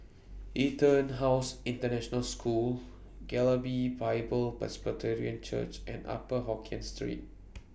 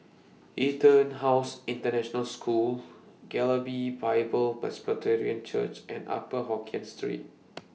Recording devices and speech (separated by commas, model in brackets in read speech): boundary microphone (BM630), mobile phone (iPhone 6), read sentence